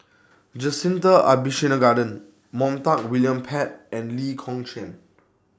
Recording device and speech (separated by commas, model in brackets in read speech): standing microphone (AKG C214), read sentence